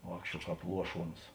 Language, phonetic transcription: Lithuanian, ˈvākščiuo ˈkāp ˈluoˌšuons

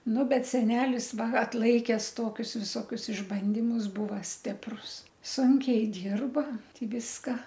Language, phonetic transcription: Lithuanian, ˈnu ˈbet seˈnelis ˈva atˈlaikes ˈtokius visoˈkius išˈbandimus ˈbuva ˈstiprus ˈsunkiai ˈdyrba ˈti ˈviska

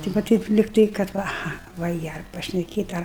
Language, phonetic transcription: Lithuanian, tai va ˈteip likˈtai kad ˈva aˈha va ˈjie ar pašneˈkėt' ˈar

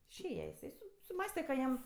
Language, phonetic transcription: Lithuanian, išˈėja jiˈsai su suˈmąste ka ˈjam

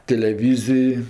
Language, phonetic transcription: Lithuanian, teleˈvyzij

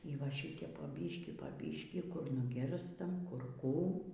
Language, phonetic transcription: Lithuanian, y ˈva ˈšitep po ˈbyškį po ˈbyškį kur nuˈgirstam kur ˈkų

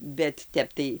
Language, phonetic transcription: Lithuanian, bet ˈtep tai

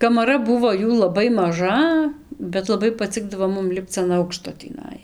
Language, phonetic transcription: Lithuanian, kamaˈra ˈbuvo ˈjų laˈbai maˈža bet laˈbai paˈcikdavo ˈmum ˈlipc an ˈaukšto tįˈnai

